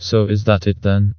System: TTS, vocoder